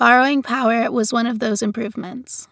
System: none